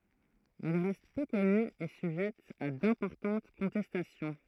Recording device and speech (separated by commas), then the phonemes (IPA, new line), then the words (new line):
throat microphone, read sentence
ɛl ʁɛst pø kɔny e syʒɛt a dɛ̃pɔʁtɑ̃t kɔ̃tɛstasjɔ̃
Elle reste peu connue et sujette à d'importantes contestations.